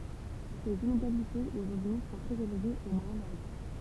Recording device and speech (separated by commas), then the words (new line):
temple vibration pickup, read sentence
Les inégalités de revenus sont très élevées au Moyen-Orient.